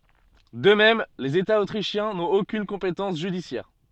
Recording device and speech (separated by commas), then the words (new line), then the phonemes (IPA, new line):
soft in-ear microphone, read sentence
De même, les États autrichiens n'ont aucune compétence judiciaire.
də mɛm lez etaz otʁiʃjɛ̃ nɔ̃t okyn kɔ̃petɑ̃s ʒydisjɛʁ